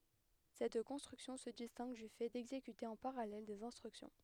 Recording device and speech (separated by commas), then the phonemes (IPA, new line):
headset microphone, read sentence
sɛt kɔ̃stʁyksjɔ̃ sə distɛ̃ɡ dy fɛ dɛɡzekyte ɑ̃ paʁalɛl dez ɛ̃stʁyksjɔ̃